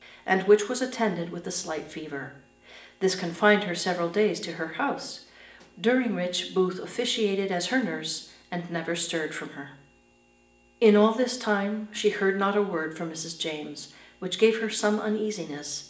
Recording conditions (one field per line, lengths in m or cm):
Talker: one person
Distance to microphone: 1.8 m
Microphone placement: close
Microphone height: 1.0 m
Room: large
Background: none